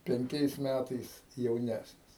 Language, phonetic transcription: Lithuanian, penˈkiais ˈmætais jauˈnæsnis

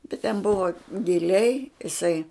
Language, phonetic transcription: Lithuanian, bet ten ˈbuva giˈliai iˈsai

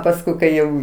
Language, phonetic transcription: Lithuanian, pasˈkui kai ˈjau

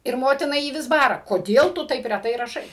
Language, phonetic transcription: Lithuanian, ir ˈmotina ˈjį ˈvis ˈbara koˈdėl tu ˈtaip reˈtai raˈšai

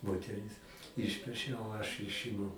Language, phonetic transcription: Lithuanian, moteˈris ˈišpešia o aš ˈišimu

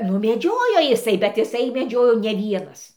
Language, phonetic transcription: Lithuanian, nu meˈdžiojo jiˈsai bet iˈsai meˈdžiojo ne ˈvienas

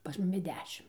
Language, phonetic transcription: Lithuanian, pas ˈmumi ˈdešim

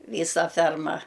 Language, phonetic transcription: Lithuanian, ˈvysa ˈferma

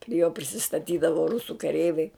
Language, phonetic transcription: Lithuanian, pri jo prisistaˈtydavo ˈrusu kaˈreiviai

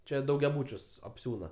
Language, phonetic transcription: Lithuanian, ˈčia daugiaˈbūčius apˈsiūna

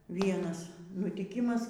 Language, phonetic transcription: Lithuanian, ˈvienas nutyˈkimas

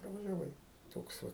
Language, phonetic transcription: Lithuanian, pravažiaˈvai ˈtoks va

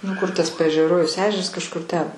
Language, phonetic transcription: Lithuanian, nu kur tas paežeˈrojaus ˈežeras kažˈkur ten

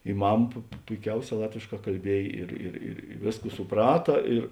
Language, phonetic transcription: Lithuanian, i ˈmam pu pu puiˈkiauˌsē ˈlatvėšˌkā kalˈbiej ˈir ir ir ˈvėsˌkų suˈprata ir

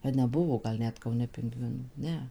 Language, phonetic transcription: Lithuanian, a neˈbuvo gal ˈnet kauˈne pinˈgvinų ˈne

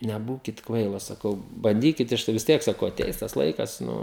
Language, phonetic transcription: Lithuanian, neˈbūkit ˈkvailos saˈkau banˈdykit ˈaš tai vis ˈtiek saˈkau aˈteis tas ˈlaikas ˈnu

